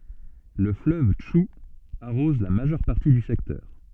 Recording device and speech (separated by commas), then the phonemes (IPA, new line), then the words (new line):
soft in-ear microphone, read sentence
lə fløv tʃu aʁɔz la maʒœʁ paʁti dy sɛktœʁ
Le fleuve Tchou arrose la majeure partie du secteur.